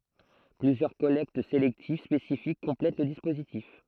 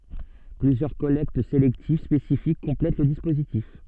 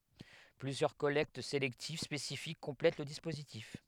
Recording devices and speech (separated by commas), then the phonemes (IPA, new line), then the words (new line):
throat microphone, soft in-ear microphone, headset microphone, read sentence
plyzjœʁ kɔlɛkt selɛktiv spesifik kɔ̃plɛt lə dispozitif
Plusieurs collectes sélectives spécifiques complètent le dispositif.